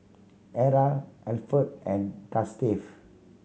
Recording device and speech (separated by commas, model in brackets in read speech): mobile phone (Samsung C7100), read sentence